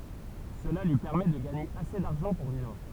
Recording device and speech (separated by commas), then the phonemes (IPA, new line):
temple vibration pickup, read sentence
səla lyi pɛʁmɛ də ɡaɲe ase daʁʒɑ̃ puʁ vivʁ